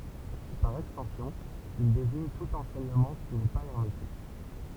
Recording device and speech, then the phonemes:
temple vibration pickup, read sentence
paʁ ɛkstɑ̃sjɔ̃ il deziɲ tut ɑ̃sɛɲəmɑ̃ ki nɛ pa ɛʁmetik

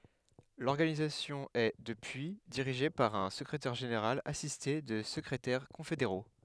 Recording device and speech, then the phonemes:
headset microphone, read sentence
lɔʁɡanizasjɔ̃ ɛ dəpyi diʁiʒe paʁ œ̃ səkʁetɛʁ ʒeneʁal asiste də səkʁetɛʁ kɔ̃fedeʁo

